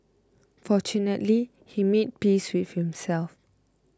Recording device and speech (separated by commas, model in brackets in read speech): close-talking microphone (WH20), read sentence